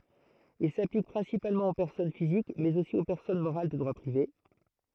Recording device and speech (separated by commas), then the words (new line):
throat microphone, read sentence
Il s'applique principalement aux personnes physiques, mais aussi aux personnes morales de droit privé.